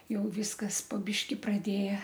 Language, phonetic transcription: Lithuanian, ˈjau ˈvyskas po ˈbyški praˈdėja

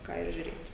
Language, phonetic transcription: Lithuanian, ˈką ir žiuˈrėt'

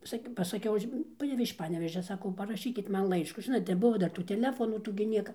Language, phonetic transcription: Lithuanian, ˈsak' pasaˈkiau ˈaš ˈpanevėž iš ˈpanevėžia ˈsakau paraˈšykit ˈman ˈlaiškų ˈžinot neˈbuvo ˈdar tų teˈlefonų ˈtų gi ˈnieka

